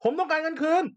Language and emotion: Thai, angry